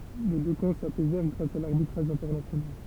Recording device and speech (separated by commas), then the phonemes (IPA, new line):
temple vibration pickup, read sentence
le dø kɑ̃ sapɛzɛʁ ɡʁas a laʁbitʁaʒ ɛ̃tɛʁnasjonal